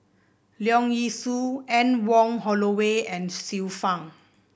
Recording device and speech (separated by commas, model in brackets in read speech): boundary microphone (BM630), read sentence